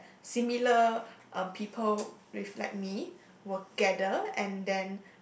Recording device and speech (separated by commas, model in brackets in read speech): boundary microphone, conversation in the same room